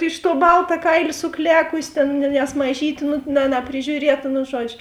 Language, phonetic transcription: Lithuanian, iš tuo ˈbalta ˈkailė suˈklekusi ˈtėn ne nes maˈžytė nu na napriˈžiūrieta nu ˈžuodžiu

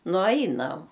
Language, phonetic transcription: Lithuanian, nuˈainam

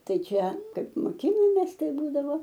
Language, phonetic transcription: Lithuanian, ˈtai ˈčia ˈkaip moˈkinomės ˈtai ˈbūdavo

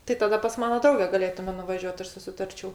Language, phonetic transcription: Lithuanian, tai taˈda pas ˈmana ˈdrauge gaˈlėtume nuvaˈžiuot ˈaš susiˈtarčiau

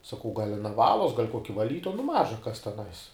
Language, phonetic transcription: Lithuanian, saˈkau gal' aˈna ˈvalos gal' ˈkoki vaˈlytoja nu ˈmaža kas teˈnais

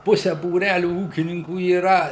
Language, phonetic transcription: Lithuanian, ˈpuse būˈræliu ˈūkininkų yˈra

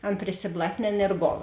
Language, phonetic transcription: Lithuanian, ˈan prisiblatˈnėn ir ˈgol

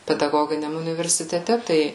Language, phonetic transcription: Lithuanian, pedaˈgoginiam universiteˈte ˈtai

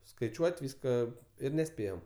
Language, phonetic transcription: Lithuanian, skaiˈčiuot' ˈvyska ˈir neˈspėjom

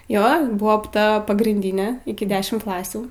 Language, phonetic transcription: Lithuanian, ˈjo ˈbuvo ˈpta pagrynˈdinė iki ˈdešim ˈklasių

